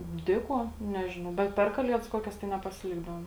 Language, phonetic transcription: Lithuanian, ˈdė ˌkuo ˈnežinau bet ˈper kaˌliedas ˈkuokias tai nepasiˈlikdavom

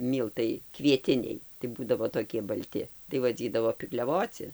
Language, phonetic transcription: Lithuanian, ˈmyltai kvieˈtiniai tai ˈbūdavo toˈkie balˈti tai vaˈdzydavo pikliaˈvoci

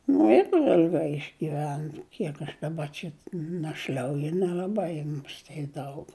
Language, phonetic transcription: Lithuanian, nu ir il'ˈgai išgiˈven ˈkiek aš daˈba čia našˈl'auju nel'aˈbai muˈstė ˈdaug

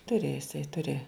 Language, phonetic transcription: Lithuanian, ˈturė iˈsai ˈturė

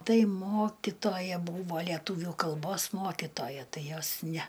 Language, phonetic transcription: Lithuanian, ˈtai ˈmokitoja ˈbūvo leˈtūvių kalˈbos ˈmokitoja ˈtai ˈjos ˈnæ

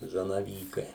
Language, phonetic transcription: Lithuanian, zanaˈvykai

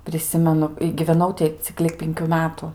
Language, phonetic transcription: Lithuanian, priˈsimenu i giveˈnau ti ˈcik lig ˈpinkių ˈmetu

